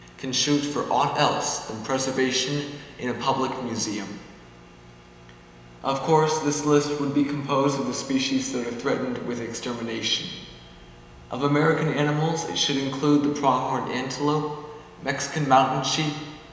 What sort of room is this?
A very reverberant large room.